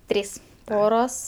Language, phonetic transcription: Lithuanian, ˈtrys ˈporos

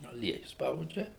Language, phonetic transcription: Lithuanian, aˈlieju ˈspaudžia

